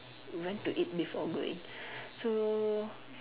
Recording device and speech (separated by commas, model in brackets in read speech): telephone, conversation in separate rooms